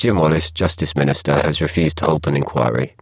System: VC, spectral filtering